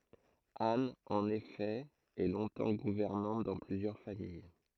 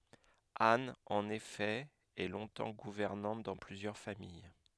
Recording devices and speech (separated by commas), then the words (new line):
throat microphone, headset microphone, read sentence
Anne, en effet, est longtemps gouvernante dans plusieurs familles.